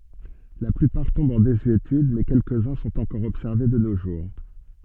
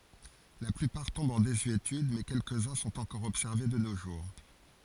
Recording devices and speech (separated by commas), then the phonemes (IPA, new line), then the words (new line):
soft in-ear microphone, forehead accelerometer, read sentence
la plypaʁ tɔ̃bt ɑ̃ dezyetyd mɛ kɛlkəzœ̃ sɔ̃t ɑ̃kɔʁ ɔbsɛʁve də no ʒuʁ
La plupart tombent en désuétude mais quelques-uns sont encore observés de nos jours.